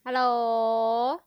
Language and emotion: Thai, happy